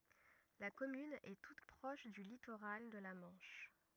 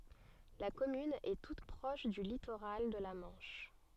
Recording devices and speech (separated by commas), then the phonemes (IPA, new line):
rigid in-ear microphone, soft in-ear microphone, read sentence
la kɔmyn ɛ tut pʁɔʃ dy litoʁal də la mɑ̃ʃ